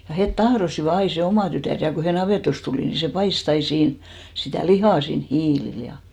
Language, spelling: Finnish, ja he tahtoivat aina se oma tytär ja kun he navetasta tuli niin se paistoi aina siinä sitä lihaa siinä hiilillä ja
- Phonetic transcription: ja 'het "tahrosiva 'ai se 'omà tytä̀r ja ko he 'navètost tulì ni se 'pais't ‿ai 'siin , sitä̀ "lihà siin "hiilil ja .

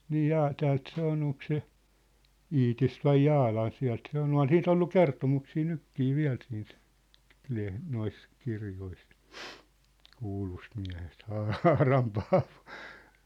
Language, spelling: Finnish, niin - täältä se on onko se Iitistä vai Jaalan sieltä se oli on siitä ollut kertomuksia nytkin vielä siitä - noissa kirjoissa kuulusta miehestä Haaran Paavo
- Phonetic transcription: nii "jaa- , 'täält 'se on 'oŋk se , "Iitist vai "Jaalan̬ 'siä̭lt se ‿ŏl "on 'sii't ‿ollu "kertomuksii "nykkii "viä̭l siint , leh- , 'nois , 'kirjois , 'kuulust miä̭hest "Haa₍aram "Paavᴏ .

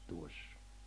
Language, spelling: Finnish, tuossa
- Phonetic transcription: 'tuossᴀ .

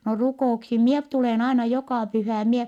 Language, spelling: Finnish, no rukouksiin minä - tulen aina joka pyhä en minä
- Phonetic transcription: » no rukò₍uksim mie p- tulèn aina jokà pyhä̀ em mie ,. »

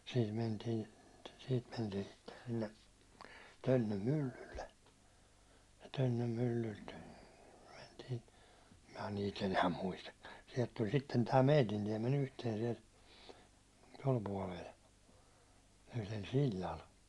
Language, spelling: Finnish, siitä mentiin siitä mentiin sitten sille Tönnön myllylle ja Tönnön myllyltä mentiin minä niitä enää muistakaan sieltä tuli sitten tämä meidän tiemme yhteen siellä tuolla puolella yhdellä sillalla
- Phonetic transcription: siit 'mentiin , siit 'mentiin sitten sille , 'Tönnöm "myllylle , ja 'Tönnöm 'myllylt , mentii , mä niit ‿enää "muistakka , siɛlt tuĺ sitten tää "meitin 'tiemme'n ‿yhteen siɛl , 'tol puålel , yhlel 'sil̜l̜al .

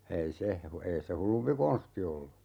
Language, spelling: Finnish, ei se - ei se hullumpi konsti ollut
- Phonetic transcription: 'ei se , hu - 'ei se "hullumpi 'kon̬sti ollu .

